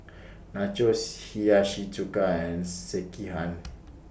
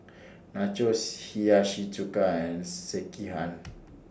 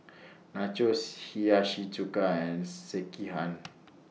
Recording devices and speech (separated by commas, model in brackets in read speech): boundary microphone (BM630), standing microphone (AKG C214), mobile phone (iPhone 6), read sentence